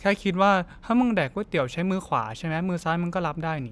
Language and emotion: Thai, neutral